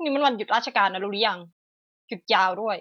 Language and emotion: Thai, frustrated